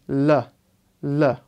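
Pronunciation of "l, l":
Both L sounds are said the way most languages, such as Spanish or Hindi, say the L, not the English way.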